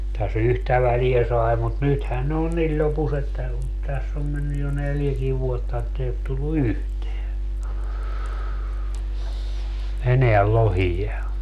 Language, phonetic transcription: Finnish, täs 'yhtä väliä 'sai̮ mut "nythän ne on "niĺ 'ĺopus ‿että on , 'täss ‿om mennyj jo 'neljäkii vuotta ettei ot tullu "yhteä , 'eneäl "lohija .
- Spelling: tässä yhtä väliä sai mutta nythän ne on niin lopussa että on tässä on mennyt jo neljäkin vuotta että ei ole tullut yhtään enää lohia

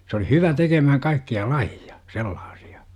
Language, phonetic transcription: Finnish, 's ‿oli "hyvä tekemähäŋ 'kaikki₍a "laji₍a , "sellaasI₍A .
- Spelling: se oli hyvä tekemään kaikkia lajeja sellaisia

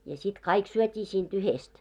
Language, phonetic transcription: Finnish, ja sit 'kaik 'syöt́ii siin't ‿yhest .
- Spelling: ja sitten kaikki syötiin siitä yhdestä

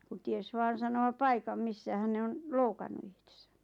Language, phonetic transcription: Finnish, kun 'ties "vaan̬ sano₍a "paikam 'missähän̬ ne 'on , "loukannu ihtᴇsᴀ̈ .
- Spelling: kun tiesi vain sanoa paikan missähän ne on loukannut itsensä

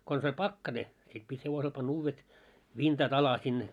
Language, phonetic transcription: Finnish, kons ‿oĺ "pakkane , sit pit 'hevosel pan'n ‿uuvvet , "vintat ‿ala sin .
- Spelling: konsa oli pakkanen sitten piti hevosella panna uudet vintat alle sinne

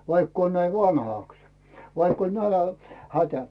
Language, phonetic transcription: Finnish, 'vaikk ‿oon näi "vanhàks , vaikk ‿oĺ 'nälä- , 'hätä .
- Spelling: vaikka olen näin vanhaksi vaikka oli - nälänhätä

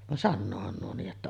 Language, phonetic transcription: Finnish, van "sannoohan nuo nii’ ’että ,.
- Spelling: vaan sanoohan nuo niin että

